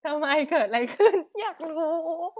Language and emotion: Thai, happy